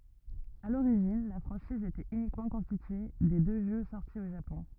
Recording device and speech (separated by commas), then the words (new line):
rigid in-ear microphone, read sentence
À l'origine, la franchise était uniquement constituée des deux jeux sortis au Japon.